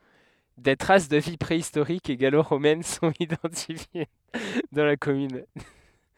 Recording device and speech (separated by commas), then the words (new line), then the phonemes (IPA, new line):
headset microphone, read sentence
Des traces de vie préhistorique et gallo-romaine sont identifiées dans la commune.
de tʁas də vi pʁeistoʁik e ɡaloʁomɛn sɔ̃t idɑ̃tifje dɑ̃ la kɔmyn